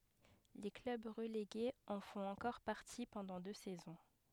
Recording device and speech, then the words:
headset microphone, read sentence
Les clubs relégués en font encore partie pendant deux saisons.

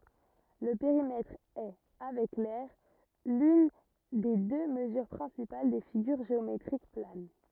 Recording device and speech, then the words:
rigid in-ear microphone, read sentence
Le périmètre est, avec l'aire, l'une des deux mesures principales des figures géométriques planes.

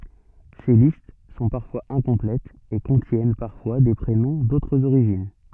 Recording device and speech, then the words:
soft in-ear microphone, read sentence
Ces listes sont parfois incomplètes, et contiennent parfois des prénoms d'autres origines.

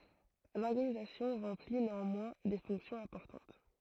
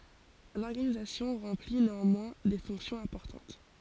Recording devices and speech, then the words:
throat microphone, forehead accelerometer, read sentence
L'organisation remplit néanmoins des fonctions importantes.

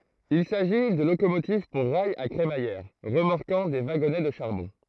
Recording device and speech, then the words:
throat microphone, read sentence
Il s'agit de locomotives pour rails à crémaillère, remorquant des wagonnets de charbon.

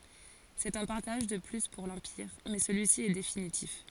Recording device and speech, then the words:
forehead accelerometer, read sentence
C'est un partage de plus pour l'Empire mais celui-ci est définitif.

